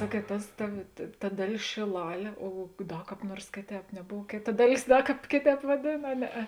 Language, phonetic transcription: Lithuanian, ˈsakiet ˈtas ˈta ta ˈdaˌlės šėˈlalė o o ˈda ˈkāp ˈnuors ˈkėˌtēp neˈbov ˈkėˌta ˈdaˌlės ˈda ˈkāp ˈkėˌtēp vaˈdėn a ˈneˌe

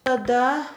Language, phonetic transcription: Lithuanian, taˈda

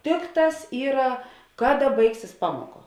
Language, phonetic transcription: Lithuanian, ˈtikˌtās ˈyra ˈkaˌda ˈbaigsis ˈpamoˌka

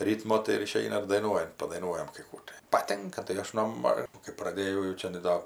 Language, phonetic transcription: Lithuanian, ˈrytmo tai iˈšeina ir daiˈnuojant padaiˈnuojam kai ˈkų tai paˈtinka tai ˈaš no ˈma kai praˈdėjau jau ˈčianai ˈdo

